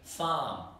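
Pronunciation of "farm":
'Farm' is said with an Australian English accent, and the vowel, the 'ar' part, is really exaggerated.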